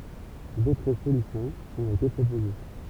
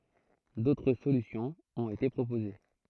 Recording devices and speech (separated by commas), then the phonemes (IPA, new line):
temple vibration pickup, throat microphone, read sentence
dotʁ solysjɔ̃z ɔ̃t ete pʁopoze